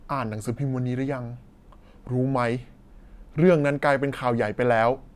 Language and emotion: Thai, frustrated